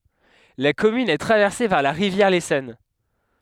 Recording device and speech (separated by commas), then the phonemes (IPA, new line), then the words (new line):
headset microphone, read sentence
la kɔmyn ɛ tʁavɛʁse paʁ la ʁivjɛʁ lesɔn
La commune est traversée par la rivière l'Essonne.